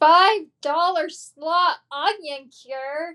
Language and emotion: English, disgusted